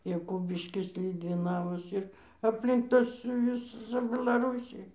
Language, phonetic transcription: Lithuanian, jaˈkubiškis liudviˈnavas ir apˈlink ˈtas ˈjus ˈcia belaˈrūsij

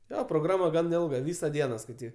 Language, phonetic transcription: Lithuanian, ˈjo proˈgrama ˈgan ˈilga ˈvysa ˈdiena skaiˈtyk

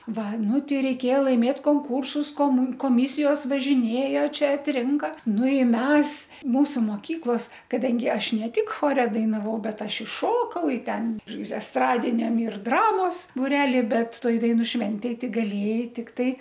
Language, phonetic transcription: Lithuanian, ˈva ˈnu ˈtei reiˈkėja laiˈmėt konˈkūrsus koˈmu koˈmisijos važiˈnėjo ˈčia atˈrinka ˈnu ˈi ˈmes ˈmūsu moˈkyklos kaˈdangi ˈaš ˈne ˈtik ˈchore dainaˈvau ˈbet ˈaš i ˈšokau i ˈten ir esˈtradiniam ir ˈdramos buˈreli ˈbet ˈtoj daiˈnų ˈšventėj ˈtik gaˈlėjai ˈtiktai

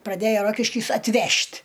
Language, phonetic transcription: Lithuanian, praˈdejo ˈrokiškys atˈvežt'

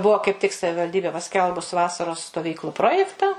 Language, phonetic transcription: Lithuanian, ˈbuo kaip tik savivalˈdybė paˈskelbus ˈvasaros stoˈvyklu ˈprojekta

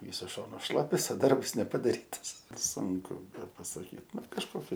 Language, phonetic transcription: Lithuanian, ˈvysus ˈšonus ˈšlapias o ˈdarbs nepadaˈrytas ˈsunku bepasaˈkyt ˈnu kažˈkoki

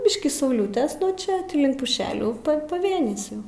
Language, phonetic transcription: Lithuanian, ˈbiškį sauˈliutes nuo ˈčia ˈtį ˈlink puˈšelių pa paˈvėnis ˈjau

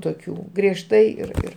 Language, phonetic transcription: Lithuanian, toˈkių griežˈtai ir ˈir

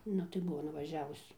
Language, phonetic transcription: Lithuanian, ˈnu tai ˈbuvo nuvaˈžiavus

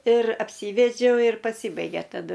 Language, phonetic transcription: Lithuanian, ir apˈsyvedžiau ir paˈsybaigė taˈdu

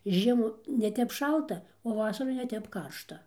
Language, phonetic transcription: Lithuanian, ir ˈžiemų neˈtep ˈšalta o ˈvasarų neˈtep ˈkaršta

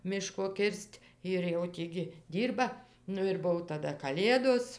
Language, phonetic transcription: Lithuanian, ˈmiško ˈkir's't' ir jau ˈtį gi ˈdyrba ˈnu ir ˈbuv taˈda kaˈlėdos

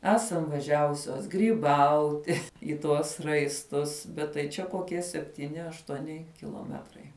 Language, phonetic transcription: Lithuanian, ˈesam vaˈžiavusios gryˈbauti i ˈtuos raisˈtus bet tai ˈčia koˈkie septyˈni aštuoˈni kiloˈmetrai

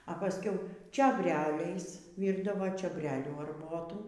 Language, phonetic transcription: Lithuanian, a paˈskiau čiobˈreliais ˈvyrdavo čioˈbrelių arˈbotų

